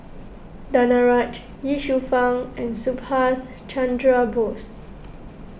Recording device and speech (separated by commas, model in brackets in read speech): boundary microphone (BM630), read sentence